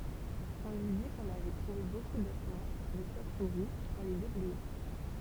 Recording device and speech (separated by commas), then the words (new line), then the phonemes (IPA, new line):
temple vibration pickup, read sentence
On lui dit qu'on avait trouvé beaucoup d'ossements, de chauves-souris, en les déblayant.
ɔ̃ lyi di kɔ̃n avɛ tʁuve boku dɔsmɑ̃ də ʃov suʁi ɑ̃ le deblɛjɑ̃